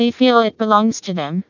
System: TTS, vocoder